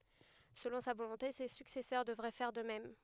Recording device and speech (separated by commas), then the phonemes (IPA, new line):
headset microphone, read sentence
səlɔ̃ sa volɔ̃te se syksɛsœʁ dəvʁɛ fɛʁ də mɛm